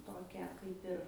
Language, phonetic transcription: Lithuanian, ˈtokią ˈkaip ir

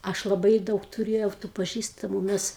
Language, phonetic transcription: Lithuanian, ˈaš laˈbai ˈdaug tuˈrėjau tų paˈžįstamu ˈmes

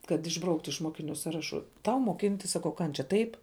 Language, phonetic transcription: Lithuanian, kad išˈbrauktu iš ˈmokiˌniu ˈsaraˌšu ˈtau moˈkintis ˈsakau ˈkančia ˈtaip

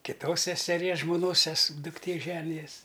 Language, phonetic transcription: Lithuanian, kiˈtos seseˈries žmoˈnos ses dukˈtė ˈženijas

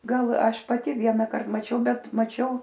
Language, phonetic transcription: Lithuanian, ˈgal ˈaš paˈti ˈvienakart maˈčiau ˈbet maˈčiau

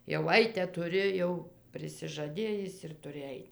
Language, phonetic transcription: Lithuanian, jau ˈaite tuˈri jau prisižaˈdėjis ir tuˈri ˈait

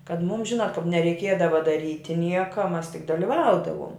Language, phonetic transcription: Lithuanian, kad ˈmūm ˈžinat kap nereiˈkiedava daˈryti ˈnieka ˈmas tik daliˈvaudavuom

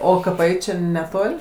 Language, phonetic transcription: Lithuanian, ˈo kaˈpai čia neˈtol'

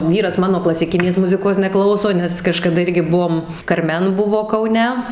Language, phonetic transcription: Lithuanian, ˈvyras ˈmano klasiˈkinės ˈmuzikos neˈklauso nes kažkaˈda ˈirgi ˈbuom karˈmen ˈbuvo kauˈne

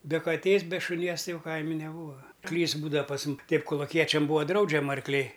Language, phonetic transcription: Lithuanian, be kaˈtės be šuˈnies ˈtai ˈjau ˈkaimi neˈbūva ˈklys ˈbūda pas mum ˈteip koluˈkiečiam ˈbūa ˈdraudžiama arkˈliai

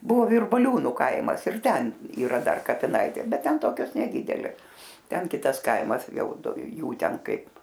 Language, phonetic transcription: Lithuanian, ˈbuvo virbaˈliūnu ˈkaimas ir ˈten yˈra ˈdar kapiˈnaitė ˈbet ˈten ˈtokios neˈdydelės ˈten ˈkitas ˈkaimas ˈjau ˈdu ˈjų ˈten ˈkaip

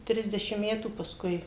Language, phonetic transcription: Lithuanian, ˈtrisdešim ˈmetų pasˈkui

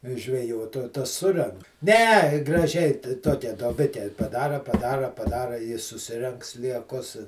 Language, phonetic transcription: Lithuanian, žveˈjot o ˈtas ˈsurenk ne graˈžiai ta ˈtokia duoˈbike paˈdara paˈdara paˈdara i suˈsirenk slieˈkus

